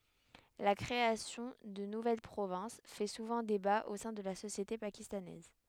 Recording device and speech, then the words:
headset microphone, read sentence
La création de nouvelles provinces fait souvent débat au sein de la société pakistanaise.

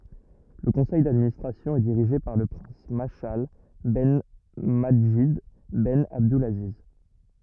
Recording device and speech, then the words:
rigid in-ear microphone, read sentence
Le conseil d'administration est dirigé par le prince Mashal ben Madjid ben Abdulaziz.

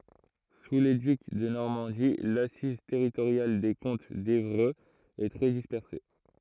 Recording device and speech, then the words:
throat microphone, read sentence
Sous les ducs de Normandie, l'assise territoriale des comtes d’Évreux est très dispersée.

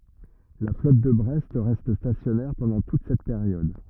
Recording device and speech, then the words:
rigid in-ear microphone, read sentence
La flotte de Brest reste stationnaire pendant toute cette période.

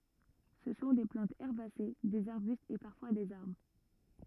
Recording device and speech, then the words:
rigid in-ear microphone, read sentence
Ce sont des plantes herbacées, des arbustes et parfois des arbres.

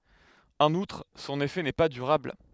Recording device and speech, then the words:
headset microphone, read sentence
En outre, son effet n'est pas durable.

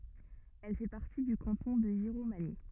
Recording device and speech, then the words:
rigid in-ear microphone, read sentence
Elle fait partie du canton de Giromagny.

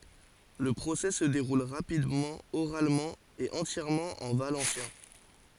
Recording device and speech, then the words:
forehead accelerometer, read sentence
Le procès se déroule rapidement, oralement et entièrement en valencien.

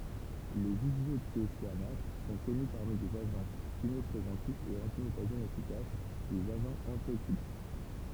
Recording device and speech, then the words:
temple vibration pickup, read sentence
Les isothiocyanates sont connus parmi des agents chimiopréventifs et antimutagènes efficaces, des agents antioxydants.

